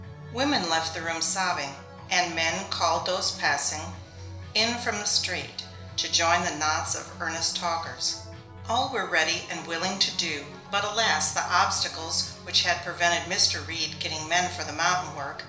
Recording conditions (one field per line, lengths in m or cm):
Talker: one person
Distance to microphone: 1.0 m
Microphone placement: close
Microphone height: 1.1 m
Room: small (3.7 m by 2.7 m)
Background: music